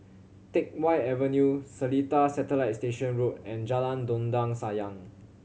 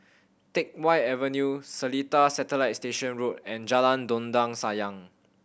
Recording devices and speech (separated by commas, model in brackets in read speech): mobile phone (Samsung C7100), boundary microphone (BM630), read sentence